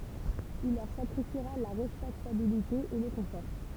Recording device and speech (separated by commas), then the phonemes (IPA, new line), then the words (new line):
temple vibration pickup, read sentence
il lœʁ sakʁifiʁa la ʁɛspɛktabilite e lə kɔ̃fɔʁ
Il leur sacrifiera la respectabilité et le confort.